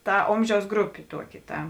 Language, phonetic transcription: Lithuanian, ˈta ˈomˌžiaus ˈgrupė ˈtuoˌki ˈta

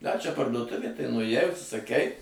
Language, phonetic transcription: Lithuanian, da čia parduoˈtuvė tai nuėˈjai užsisaˈkei

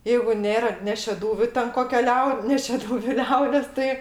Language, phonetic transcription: Lithuanian, ˈjeigu ˈnėra ne šeˈdūviu ten ˈkokia ˈliau ne šeˈdūviu ˈliaudės ˈtai

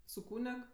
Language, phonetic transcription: Lithuanian, su ˈkūneg

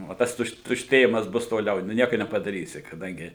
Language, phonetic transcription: Lithuanian, o ˈtas ˈtušt tušˈtėjimas ˈbus toˈliau nu ˈnieku nepadaˈrysi kaˈdangi

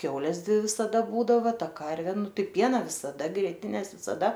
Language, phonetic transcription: Lithuanian, ˈkiaules ˈdvi visaˈda ˈbūdava ˈta ˈkarvė ˈnu ˈtai ˈpiena visaˈda grieˈtines visaˈda

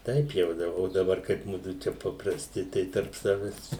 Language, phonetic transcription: Lithuanian, ˈtaip jau ˈda o daˈbar kaip ˈmudu ˈčia paprasˈti ˈtai tarp ˈsaves

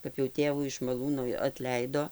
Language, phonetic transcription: Lithuanian, kap jau ˈtėvų iš maˈlūnui atˈleido

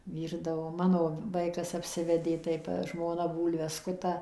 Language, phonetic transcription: Lithuanian, ˈvyrdavo ˈmano ˈvaikas apˈsivedė tai ta žmoˈna ˈbūlves ˈskuta

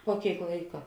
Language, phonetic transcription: Lithuanian, puo ˈkėik ˈlaika

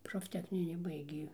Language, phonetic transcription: Lithuanian, profˈtechnini ˈbaigė

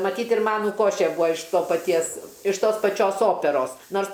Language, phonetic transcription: Lithuanian, maˈtyt ir ˈmanu ˈkošė ˈbūa iš ˈto paˈties iš ˈtos paˈčios ˈoperos ˈnors

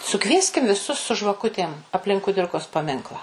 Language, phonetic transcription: Lithuanian, suˈkvieskim viˈsus su žvaˈkutėm apˈlink kuˈdirkos paˈminklą

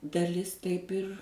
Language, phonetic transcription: Lithuanian, daˈlis ˈtaip ir

